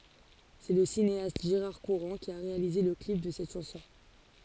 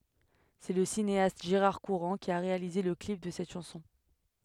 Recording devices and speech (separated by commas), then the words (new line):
forehead accelerometer, headset microphone, read sentence
C'est le cinéaste Gérard Courant qui a réalisé le clip de cette chanson.